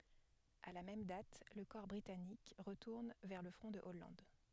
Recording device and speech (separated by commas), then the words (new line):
headset microphone, read sentence
À la même date, le corps britannique retourne vers le front de Hollande.